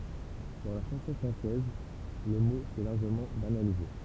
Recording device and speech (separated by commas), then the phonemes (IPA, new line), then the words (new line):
temple vibration pickup, read sentence
dɑ̃ la ʃɑ̃sɔ̃ fʁɑ̃sɛz lə mo sɛ laʁʒəmɑ̃ banalize
Dans la chanson française, le mot s'est largement banalisé.